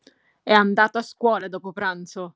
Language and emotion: Italian, angry